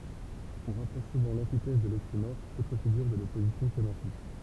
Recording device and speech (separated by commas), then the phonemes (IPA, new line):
temple vibration pickup, read sentence
ɔ̃ ʁapʁɔʃ suvɑ̃ lɑ̃titɛz də loksimɔʁ otʁ fiɡyʁ də lɔpozisjɔ̃ semɑ̃tik